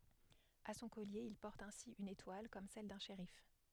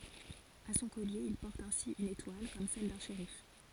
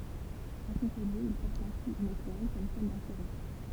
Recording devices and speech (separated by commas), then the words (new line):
headset microphone, forehead accelerometer, temple vibration pickup, read sentence
À son collier, il porte ainsi une étoile comme celle d'un shérif.